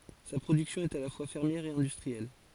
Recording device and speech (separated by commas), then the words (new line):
forehead accelerometer, read sentence
Sa production est à la fois fermière et industrielle.